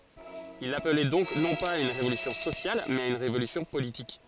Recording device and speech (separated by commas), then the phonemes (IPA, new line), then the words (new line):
forehead accelerometer, read sentence
il aplɛ dɔ̃k nɔ̃ paz a yn ʁevolysjɔ̃ sosjal mɛz a yn ʁevolysjɔ̃ politik
Il appelait donc non pas à une révolution sociale mais à une révolution politique.